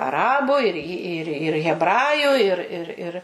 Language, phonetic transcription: Lithuanian, aˈrabu ir i ˈir ir hebˈraju ir ir ˈir

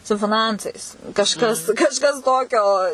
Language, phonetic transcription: Lithuanian, su fiˈnancais kažˈkas kažˈkas ˈtokio

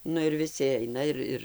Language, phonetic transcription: Lithuanian, ˈnu ir viˈsi ˈaina ir ˈir

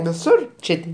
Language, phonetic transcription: Lithuanian, viˈsur ˈčė ti

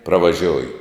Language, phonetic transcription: Lithuanian, pravaˈžioju

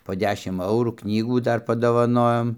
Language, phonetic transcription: Lithuanian, po ˈdešim ˈaurų ˈknygų ˈdar padovaˈnojom

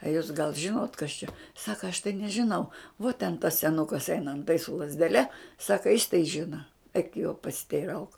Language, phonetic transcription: Lithuanian, a ˈjūs gal ˈžinot kas čia ˈsaka aš tai nežiˈnau vuo ten tas seˈnukas ˈeina anˈtai su lazdeˈle ˈsaka jis tai ˈžina eik jo pasiteiˈrauk

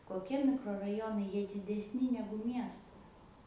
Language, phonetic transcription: Lithuanian, koˈkie mikroraˈjonai ˈjie didesˈni ˈnegu ˈmiestas

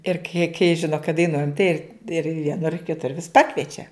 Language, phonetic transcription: Lithuanian, ir kai kai ˈžino kad daiˈnuojam tai ir ir vieˈnur kiˈtur vis ˈpakviečia

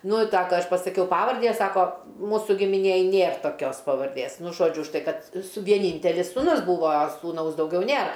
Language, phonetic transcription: Lithuanian, ˈnu i ˈsaka ˈaš pasaˈkiau ˈpavardį ˈjie ˈsako ˈmūsu gimiˈnėj ˈnėr toˈkios pavarˈdės ˈnu ˈžodžiu už ˈtai ˈkad su vieˈnyntelis sūˈnus ˈbūvo suˈnaus dauˈgiau ˈnėr

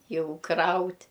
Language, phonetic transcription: Lithuanian, ˈjau ˈkraut'

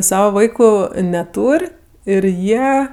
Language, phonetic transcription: Lithuanian, ˈsava ˈvaiku neˈtūr' ir ˈjie

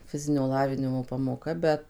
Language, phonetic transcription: Lithuanian, ˈfizinio ˈlavinimo pamoˈka ˈbet

